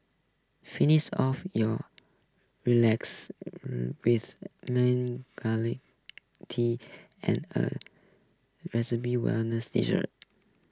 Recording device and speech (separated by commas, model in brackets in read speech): close-talking microphone (WH20), read sentence